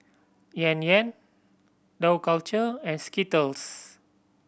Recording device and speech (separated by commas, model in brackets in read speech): boundary microphone (BM630), read sentence